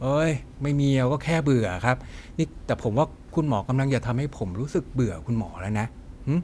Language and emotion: Thai, frustrated